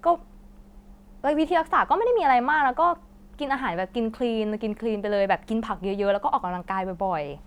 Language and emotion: Thai, neutral